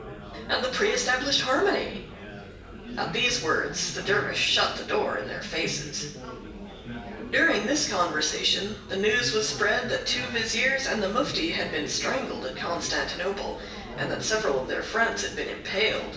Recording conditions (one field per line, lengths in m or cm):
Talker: one person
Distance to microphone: 1.8 m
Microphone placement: close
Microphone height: 1.0 m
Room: large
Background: babble